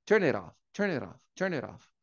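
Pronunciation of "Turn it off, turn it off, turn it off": In 'turn it off', the words are connected: the t of 'it' sounds like an r and joins onto 'off', so the end sounds like 'rof'.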